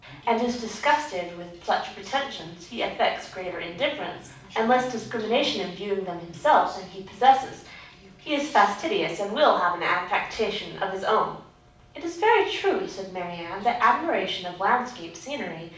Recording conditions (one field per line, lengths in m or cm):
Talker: one person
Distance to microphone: 5.8 m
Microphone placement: far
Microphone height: 1.8 m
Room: medium-sized (5.7 m by 4.0 m)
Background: television